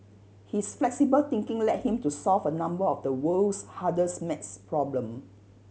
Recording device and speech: mobile phone (Samsung C7100), read sentence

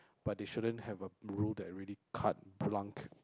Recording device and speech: close-talking microphone, conversation in the same room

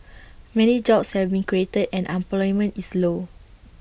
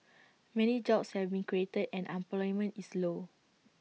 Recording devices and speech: boundary microphone (BM630), mobile phone (iPhone 6), read sentence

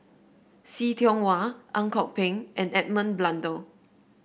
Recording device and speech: boundary microphone (BM630), read sentence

